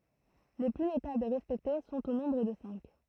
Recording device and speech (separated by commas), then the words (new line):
throat microphone, read sentence
Les plus notables et respectés sont au nombre de cinq.